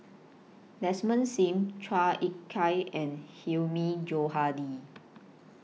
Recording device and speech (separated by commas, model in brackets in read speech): mobile phone (iPhone 6), read sentence